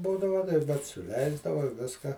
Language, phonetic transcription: Lithuanian, ˈbūdava bet suˈleisdava ˈviska

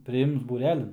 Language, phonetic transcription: Lithuanian, priˈims būˈrelin

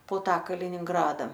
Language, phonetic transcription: Lithuanian, po ˈtą kalininˈgrada

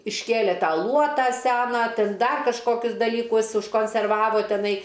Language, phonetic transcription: Lithuanian, išˈkėlė ˈtą ˈluotą ˈseną ˈtin ˈdar kažˈkokius dalyˈkus užkonserˈvavo teˈnai

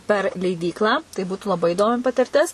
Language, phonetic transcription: Lithuanian, per leiˈdyklą tai ˈbūtu laˈbai įˈdomi patirˈtis

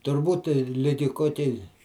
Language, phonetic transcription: Lithuanian, turˈbūt ˈligi ˈkokiai

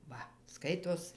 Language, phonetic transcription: Lithuanian, ˈva ˈskaitos

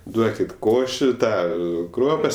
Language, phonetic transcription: Lithuanian, ˈduokit ˈkoši ˈtą ˈkruopas

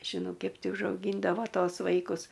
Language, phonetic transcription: Lithuanian, ˈkep ˈti užauˈgyndavo ˈtos ˈvaikus

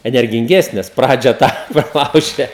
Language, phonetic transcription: Lithuanian, energinˈgesnės ˈpradžia ˈtą praˈlaužia

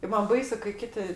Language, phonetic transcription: Lithuanian, ˈman ˈbaisu kai ˈkiti

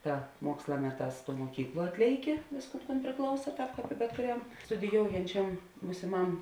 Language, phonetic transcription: Lithuanian, ˈta ˈmuoksla ˈmeˌtās tuo muoˈkykˌluo ˈatlėiˌki ˈvėsˌkūn kūn priˈklausa ˈtāp bet kuˈriam studiˈjoujančiam būsiˈmam

